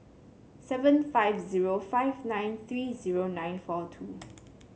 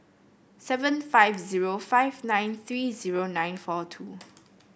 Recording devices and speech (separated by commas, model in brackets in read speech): mobile phone (Samsung C7), boundary microphone (BM630), read sentence